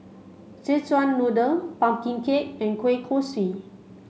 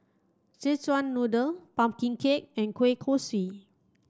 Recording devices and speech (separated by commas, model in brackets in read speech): mobile phone (Samsung C5), standing microphone (AKG C214), read sentence